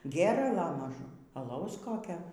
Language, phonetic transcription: Lithuanian, ˈgėrala maˈžum aˈlaus ˈkokio

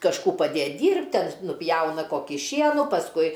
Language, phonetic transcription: Lithuanian, kažˈkų paˈdėt' ˈdyrbt' ˈten nuˈpjauna ˈkokį ˈšienų pasˈkui

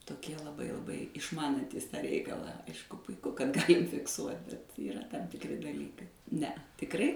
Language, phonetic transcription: Lithuanian, toˈkie laˈbai laˈbai išˈmanantys ˈtą ˈreikalą ˈaišku puiˈku kad ˈgalim fikˈsuot' bet yˈra tam tikˈri daˈlykai ˈnea tikˈrai

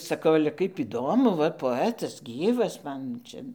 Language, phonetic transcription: Lithuanian, saˈkau ale ˈkaip iˈdomu ˈva poˈetas ˈgyvas ˈman ˈčia

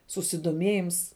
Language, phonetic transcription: Lithuanian, susidoˈmėjims

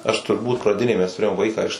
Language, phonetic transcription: Lithuanian, ˈaš turˈbūt praˈdinėj mes tuˈrėjom ˈvaiką iš

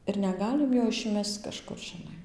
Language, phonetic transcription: Lithuanian, ir neˈgalim jo išˈmesc kažˈkur žiˈnai

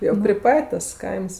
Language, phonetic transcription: Lithuanian, jau pri ˈpat' tas ˈkaims

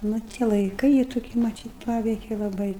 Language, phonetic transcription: Lithuanian, ˈnu tie laiˈkɨi jį toˈkį maˈtyt ˈpaveike laˈbai

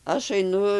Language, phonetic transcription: Lithuanian, ˈaš aiˈnu

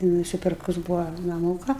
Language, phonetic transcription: Lithuanian, nusiˈpirkus ˈbūva naˈmūka

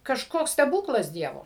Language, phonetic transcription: Lithuanian, kažˈkoks steˈbūklas ˈdievo

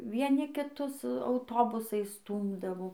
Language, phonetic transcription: Lithuanian, vieˈni kiˈtus auˈtobusais ˈstūmdavo

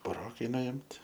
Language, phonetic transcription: Lithuanian, buˈrokai nuimt'

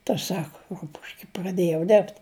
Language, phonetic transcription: Lithuanian, ta ˈsaka ˈrupuške praˈdėjau ˈderbt

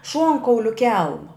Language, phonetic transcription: Lithuanian, ˈšuonkauliu ˈkelma

